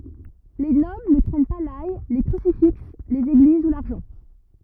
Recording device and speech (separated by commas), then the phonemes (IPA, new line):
rigid in-ear microphone, read sentence
le nɔbl nə kʁɛɲ pa laj le kʁysifiks lez eɡliz u laʁʒɑ̃